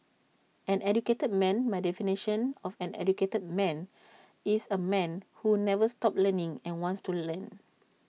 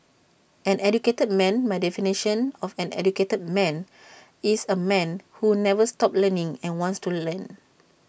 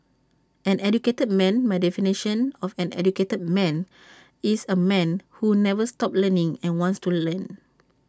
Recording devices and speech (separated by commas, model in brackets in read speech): mobile phone (iPhone 6), boundary microphone (BM630), standing microphone (AKG C214), read sentence